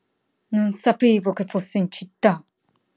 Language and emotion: Italian, angry